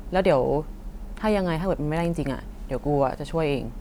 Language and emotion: Thai, neutral